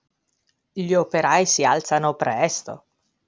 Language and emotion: Italian, surprised